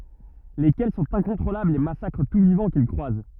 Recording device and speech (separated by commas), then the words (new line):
rigid in-ear microphone, read sentence
Lesquels sont incontrôlables et massacrent tout vivant qu'ils croisent.